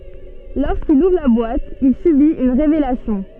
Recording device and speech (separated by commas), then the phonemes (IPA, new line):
soft in-ear microphone, read sentence
loʁskil uvʁ la bwat il sybit yn ʁevelasjɔ̃